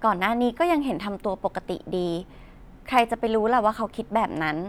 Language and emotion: Thai, neutral